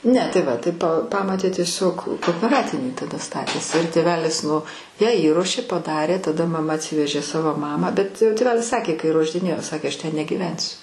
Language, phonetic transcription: Lithuanian, ˈne tai ˈva tai p ˈpamotė tieˈsiog koopeˈratinį taˈda ˈstatėsi ir tėˈvelis nu ją įˈruošė paˈdarė taˈda maˈma atˈsivežė ˈsavo ˈmamą bet tėˈvelis ˈsakė kai ruošdiˈnėjo ˈsakė ˈaš ˈten negyˈvensiu

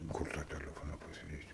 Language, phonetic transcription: Lithuanian, ˈkur ta teˈlefona pasiˈdėsi

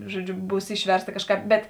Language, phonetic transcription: Lithuanian, ˈžuoˌdžiu ˈbūs ˈišversˌta ˈkažˌkāp bet

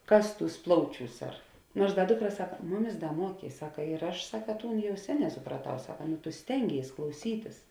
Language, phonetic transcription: Lithuanian, ˈkas ˈtūs ˈplauˌčiūs ar ˈnuors ˈda ˈdukˌra ˈsaka ˈmuˌmis ˈda ˈmuokė i ˈsaka ir ˈaš ˈsaka ˈtūn ˈjau ˈseˌnē supraˈtau ˈsaka tu ˈstenˌgėis klauˈsytis

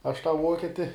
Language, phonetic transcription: Lithuanian, aš tą ˈvuoketi

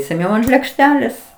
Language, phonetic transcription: Lithuanian, seˈniau ant lėkˈštelės

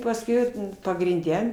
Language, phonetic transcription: Lithuanian, pasˈkiau pagrinˈde

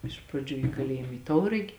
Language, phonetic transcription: Lithuanian, ˈiš praˌdžių i kaˈlėjim i ˈtauragi

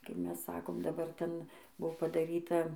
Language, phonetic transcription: Lithuanian, kai ˈmes ˈsakom daˈbar ˈten ˈbuvo padaˈryta

